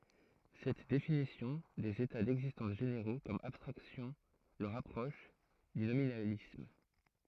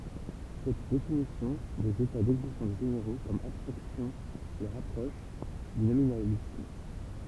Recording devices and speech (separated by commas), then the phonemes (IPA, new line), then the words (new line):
throat microphone, temple vibration pickup, read sentence
sɛt definisjɔ̃ dez eta dɛɡzistɑ̃s ʒeneʁo kɔm abstʁaksjɔ̃ lə ʁapʁɔʃ dy nominalism
Cette définition des états d'existence généraux comme abstractions le rapproche du nominalisme.